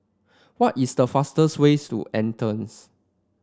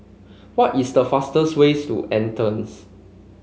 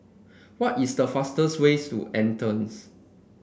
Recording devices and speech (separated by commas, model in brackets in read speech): standing microphone (AKG C214), mobile phone (Samsung C5), boundary microphone (BM630), read sentence